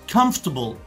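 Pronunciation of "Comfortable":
'Comfortable' is pronounced correctly here.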